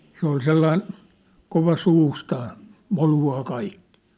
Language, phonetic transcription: Finnish, se ‿ol 'sellain , kova 'suustaa , 'molu₍aa 'kaikkɪɪ .
- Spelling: se oli sellainen kova suustaan moluamaan kaikkia

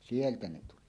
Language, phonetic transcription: Finnish, sieltä 'ne 'tuli .
- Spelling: sieltä ne tuli

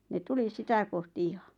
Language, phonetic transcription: Finnish, ne 'tuli "sitä kohti 'iha .
- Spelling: ne tuli sitä kohti ihan

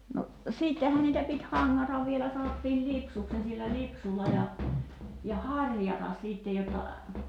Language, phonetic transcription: Finnish, no , 'siittehän niitä pit "haŋŋatav vielä 'sa(n)ottiil "lipsuks ni sillä 'lipsulla ja , ja "haŕjatas 'sìttej jotta ,.
- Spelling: no sittenhän niitä piti hangata vielä sanottiin lipsuksi niin sillä lipsulla ja ja harjata sitten jotta

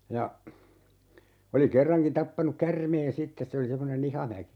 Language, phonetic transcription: Finnish, ja , oli 'kerraŋkin 'tappanuk "kärmeen 'sittes se oli 'semmone"n ‿IhamäkI .
- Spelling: ja oli kerrankin tappanut käärmeen sitten se oli semmoinen IhamäkI

